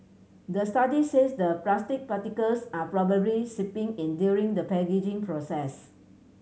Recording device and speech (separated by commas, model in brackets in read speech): mobile phone (Samsung C7100), read sentence